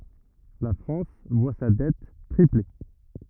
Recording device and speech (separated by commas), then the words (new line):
rigid in-ear microphone, read sentence
La France voit sa dette tripler.